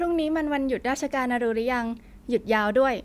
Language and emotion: Thai, happy